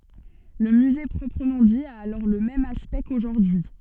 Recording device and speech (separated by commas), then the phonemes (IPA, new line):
soft in-ear microphone, read sentence
lə myze pʁɔpʁəmɑ̃ di a alɔʁ lə mɛm aspɛkt koʒuʁdyi